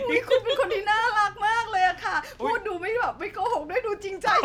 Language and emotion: Thai, happy